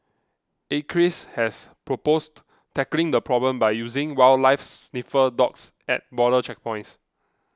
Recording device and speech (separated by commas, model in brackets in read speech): close-talking microphone (WH20), read sentence